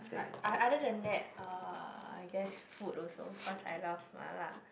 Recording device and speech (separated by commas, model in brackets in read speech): boundary microphone, conversation in the same room